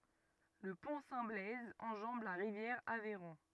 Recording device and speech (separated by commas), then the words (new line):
rigid in-ear microphone, read sentence
Le Pont Saint-Blaise enjambe la rivière Aveyron.